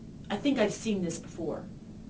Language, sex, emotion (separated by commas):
English, female, disgusted